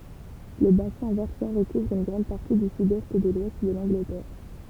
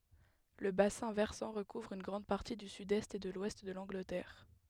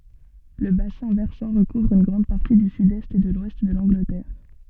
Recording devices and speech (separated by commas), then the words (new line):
temple vibration pickup, headset microphone, soft in-ear microphone, read sentence
Le bassin versant recouvre une grande partie du sud-est et de l'ouest de l’Angleterre.